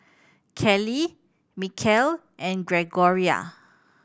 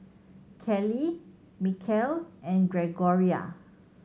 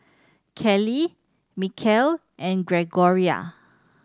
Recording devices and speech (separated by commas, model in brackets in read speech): boundary microphone (BM630), mobile phone (Samsung C7100), standing microphone (AKG C214), read sentence